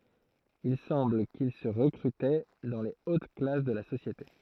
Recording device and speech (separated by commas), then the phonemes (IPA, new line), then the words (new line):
throat microphone, read sentence
il sɑ̃bl kil sə ʁəkʁytɛ dɑ̃ le ot klas də la sosjete
Il semble qu'ils se recrutaient dans les hautes classes de la société.